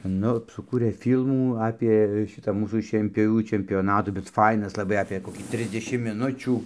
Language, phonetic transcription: Lithuanian, ˈnu suˈkūrė ˈfylmų ˈapė ˈšitą ˈmūsų šienpioˈvių čempjoˈnatų bet ˈfainas laˈbai apė koˈkį ˈtrisdešimt miˈnučių

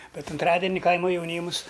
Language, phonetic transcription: Lithuanian, ˈbet unˈtradeni ˈkaima jauˈnymus

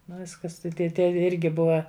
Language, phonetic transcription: Lithuanian, ˈnu ˈviskas tai tie ˈtie ˈirgi ˈbuva

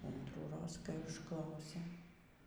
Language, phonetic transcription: Lithuanian, antrųˈroz kai užˈklausė

